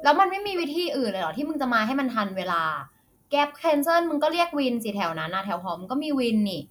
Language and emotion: Thai, frustrated